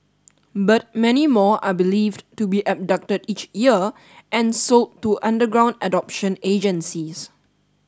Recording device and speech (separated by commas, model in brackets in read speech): standing microphone (AKG C214), read sentence